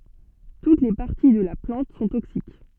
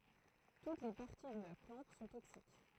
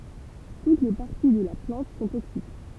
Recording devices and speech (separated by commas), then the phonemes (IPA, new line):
soft in-ear microphone, throat microphone, temple vibration pickup, read sentence
tut le paʁti də la plɑ̃t sɔ̃ toksik